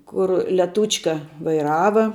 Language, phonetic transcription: Lithuanian, ˈkur leˈtūčka vaiˈrava

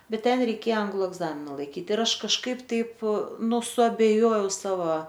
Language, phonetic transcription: Lithuanian, ˈbet ˈten reiˈkėja ˈanglu egˈzamina laiˈkyt ir ˈaš kažˈkaip ˈtaip ˈnu suabeˈjojau ˈsava

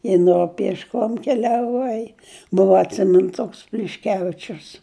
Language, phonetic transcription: Lithuanian, i ˈno piešˈkom keliaˈvai ˈbuva atˈsimin ˈtoks plišˈkevičius

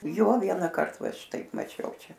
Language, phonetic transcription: Lithuanian, ˈjo ˈvienkart va ˈšitaip maˈčiau ˈčia

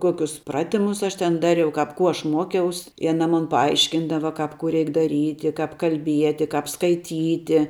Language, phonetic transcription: Lithuanian, ˈkuokius ˈpratimus ˈaš ten ˈdariau ˈkap ˈkų ˈaš ˈmuokiaus i aˈna ˈmun paˈaiškindava ˈkap ku ˈreik daˈryti ˈkap kalˈbieti ˈkap skaiˈtyti

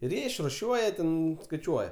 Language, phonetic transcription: Lithuanian, ir ˈjie išruˈšiuoja ˈten skaiˈčiuoja

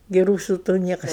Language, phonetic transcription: Lithuanian, gi ˈrūsu tų ˈniekas

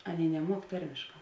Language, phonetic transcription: Lithuanian, ˈaˌnėi neˈmuok ˈtarmėšˌkā

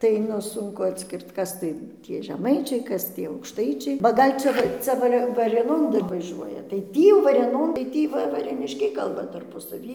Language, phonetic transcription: Lithuanian, tai ˈnu ˈsunku atˈskirt ˈkas tai ˈtie žeˈmaičiai ˈkas tie aukšˈtaičiai ba ˈgal' čia ˈcia ˈvarė varėˈnon ˈdar vaˈžiuoja tai ˈtį jau varėˈnon tai ˈtį ˈva varėˈniškiai ˈkalba tarpu saˈvį

